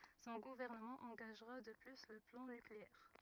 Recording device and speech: rigid in-ear microphone, read sentence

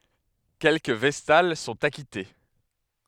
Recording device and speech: headset microphone, read sentence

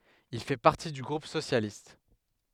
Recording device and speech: headset microphone, read sentence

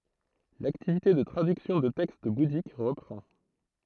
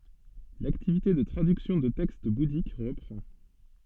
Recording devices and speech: throat microphone, soft in-ear microphone, read sentence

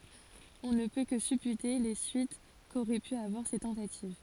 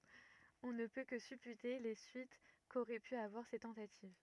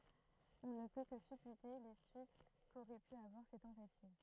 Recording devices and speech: forehead accelerometer, rigid in-ear microphone, throat microphone, read sentence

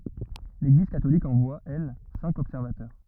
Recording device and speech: rigid in-ear microphone, read sentence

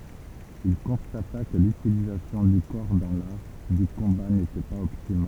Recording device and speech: temple vibration pickup, read sentence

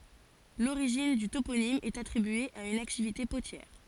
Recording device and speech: forehead accelerometer, read sentence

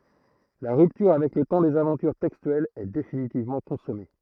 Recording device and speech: throat microphone, read sentence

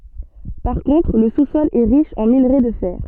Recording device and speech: soft in-ear microphone, read sentence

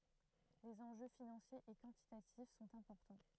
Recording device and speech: throat microphone, read sentence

